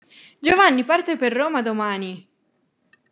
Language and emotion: Italian, happy